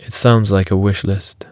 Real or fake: real